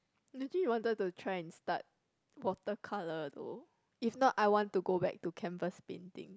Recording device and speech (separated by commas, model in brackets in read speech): close-talking microphone, conversation in the same room